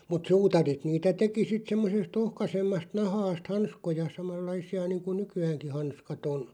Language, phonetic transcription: Finnish, mut "suutarit 'niitä "teki sit 'semmosest "ohkasemmast 'nahaast 'hanskoja 'samallaisi₍a 'niiŋku "nyky₍ääŋki 'hanskat ‿on .
- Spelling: mutta suutarit niitä teki sitten semmoisesta ohkaisemmasta nahkasta hanskoja samanlaisia niin kuin nykyäänkin hanskat on

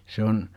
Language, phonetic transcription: Finnish, s ‿on , .
- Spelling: se on

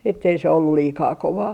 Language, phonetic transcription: Finnish, ettei se 'ollul "liikaa 'kovaa .
- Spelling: että ei se ollut liikaa kovaa

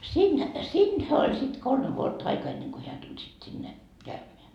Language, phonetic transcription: Finnish, 'sinne , "siinDhä oĺ sit 'kolme vuotta 'aikaa enneŋ ko 'heä tuĺ sit sinne , "käymeä .
- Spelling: sinne siitähän oli sitten kolme vuotta aikaa ennen kuin hän tuli sitten sinne käymään

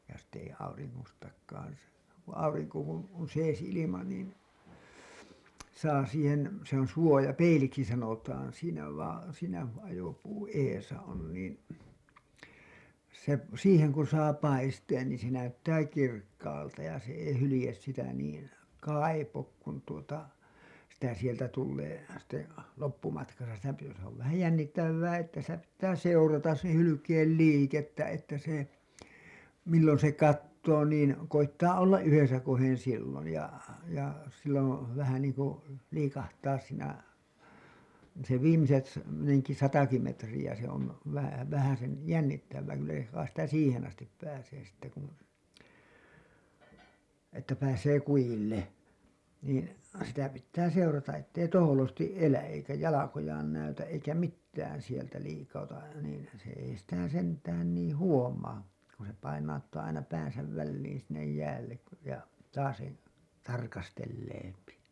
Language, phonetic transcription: Finnish, ja sit̀ ‿ei auriŋŋostak̆kaan saa , 'auriŋko kun on sees ilima niin , saa siihen , se ‿on 'suoja'peiliksi sanotaan siinä vaa[tetta] , siinä , ajopuun 'eesä on niin̬ , se , "siiheŋ kun̬ saa 'paisteen niin se näyttää 'kirkkaalta ja se ei hylĭjes sitä niin , "kaipok kun tuota , sitä sieltä tullee , sitte , 'loppumatkasa sitä pi- , se ‿ov vähäj 'jännittävvää että sitä pittää 'seuratas sen 'hylykeel "liikettä että se , 'millon se 'kattoo niin , koittaˀ ˀollaˀ 'ˀyhesäkohen silloj ja , ja , silloo̰ , vähä niiŋku , liikahtaas siinä , se viimiset , -neŋki 'sataki metrijä se ‿on , vä- , vähäsen , 'jännittävvää , kyllä jos vain sitä 'siihen astip pääsee sitte kun , että pääsee "kujille , niin , sitä pittää 'seurata’ ’ett ‿ei 'toholostiˀ 'ˀelä’ ’eikä 'jalakojaan näytä’ ’eikä "mittään sieltä 'liikauta , niin , se ei sitä 'sentään niiḭ huomaa , kun̬ se 'painauttaa aina 'pään̬säv 'välliin sinnej jäällek ku , ja , taaseḛ , 'tarkastelleepi .
- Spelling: ja sitten ei auringostakaan saa aurinko kun on sees ilma niin saa siihen se on suojapeiliksi sanotaan siinä vaatetta siinä ajopuun edessä on niin se siihen kun saa paisteen niin se näyttää kirkkaalta ja se ei hylje sitä niin kaipaa kun tuota sitä sieltä tulee sitten loppumatkassa sitä - se on vähän jännittävää että sitä pitää seurata sen hylkeen liikettä että se milloin se katsoo niin koettaa olla yhdessä kohden silloin ja ja silloin vähän niin kuin liikahtaa siinä se viimeiset - satakin metriä se on - vähäsen jännittävää kyllä jos vain sitä siihen asti pääsee sitten kun että pääsee kujille niin sitä pitää seurata että ei tohelosti elä eikä jalkojaan näytä eikä mitään sieltä liikauta niin se ei sitä sentään niin huomaa kun se painauttaa aina päänsä väliin sinne jäälle kun ja taas tarkastelee

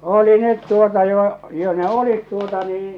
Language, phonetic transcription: Finnish, 'oli net tuota 'jo , 'jo ne "olit tuota nii .
- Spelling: oli ne tuota jo jo ne oli tuota niin

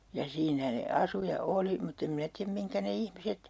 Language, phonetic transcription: Finnish, ja 'siinä ne 'asu ja "oli , mutt ‿em 'minä tiäm 'miŋkä ne 'ihmiset ,.
- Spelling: ja siinä ne asui ja oli mutta en minä tiedä mihin ne ihmiset

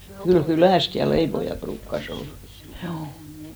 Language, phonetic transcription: Finnish, kyl "kylä̀st 'ja "leipoja 'pruukka's ‿ol , hjuu .
- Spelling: kyllä kylästä ja leipoja ruukasi olla juu

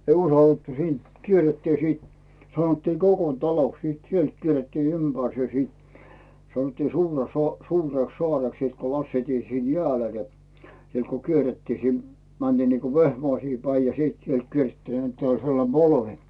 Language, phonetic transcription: Finnish, ei 'usallettu siint , "kierrettii 'siit , sanottii "Kokon 'taloks sìt 'sielt kierrettii "ympärse 'sìt , sanottii 'suura'sa- , "Suureks"soareks sìt ku 'lasseitii siin "jeä̀le ne , sielt ko "kierrettii 'sin , 'mänDii niiko "Vehmaisii 'päi ja sit 'sielt 'kierttii net oĺ sellanm "Bolve .
- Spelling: ei uskallettu siitä kierrettiin siitä sanottiin Kokon taloksi sitten sieltä kierrettiin ympäri siitä sanottiin - Suureksisaareksi sitten kun laskeuduttiin siihen jäälle ne sieltä kun kierrettiin sinne mentiin niin kuin Vehmaisiin päin ja sitten sieltä kierrettiin että oli sellainen polvi

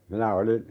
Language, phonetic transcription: Finnish, 'minä olin ,.
- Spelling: minä olin

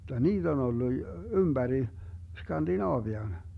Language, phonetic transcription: Finnish, (jotta) "niit ‿on 'ollu , 'ymbäri , 'Skandi"naavian .
- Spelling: jotta niitä on ollut ympäri Skandinavian

